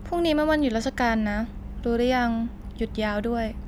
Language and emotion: Thai, neutral